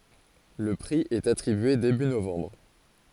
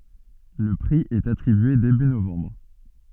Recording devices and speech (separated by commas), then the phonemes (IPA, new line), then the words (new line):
forehead accelerometer, soft in-ear microphone, read sentence
lə pʁi ɛt atʁibye deby novɑ̃bʁ
Le prix est attribué début novembre.